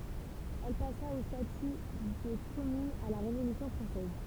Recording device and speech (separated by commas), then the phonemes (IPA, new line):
temple vibration pickup, read sentence
ɛl pasa o staty də kɔmyn a la ʁevolysjɔ̃ fʁɑ̃sɛz